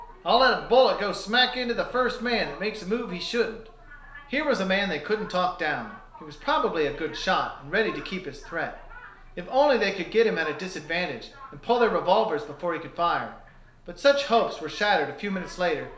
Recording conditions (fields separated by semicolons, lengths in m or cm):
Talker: one person; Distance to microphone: 1.0 m; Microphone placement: close; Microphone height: 1.1 m; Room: small (3.7 m by 2.7 m); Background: television